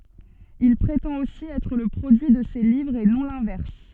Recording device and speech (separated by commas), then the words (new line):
soft in-ear microphone, read sentence
Il prétend aussi être le produit de ses livres et non l'inverse.